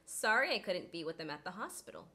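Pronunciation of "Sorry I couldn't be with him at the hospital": The h in 'him' is dropped, and 'him' is unstressed.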